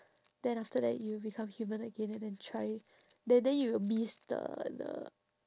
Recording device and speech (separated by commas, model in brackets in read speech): standing microphone, conversation in separate rooms